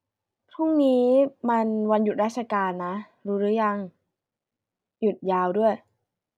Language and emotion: Thai, neutral